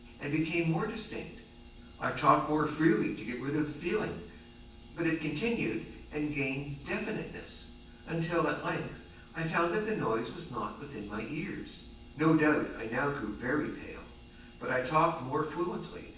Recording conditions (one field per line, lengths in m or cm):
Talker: one person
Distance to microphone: 9.8 m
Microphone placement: far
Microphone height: 1.8 m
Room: large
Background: none